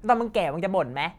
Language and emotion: Thai, angry